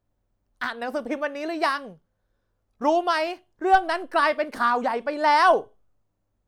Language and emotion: Thai, angry